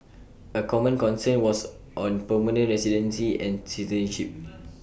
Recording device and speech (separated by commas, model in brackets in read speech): boundary microphone (BM630), read sentence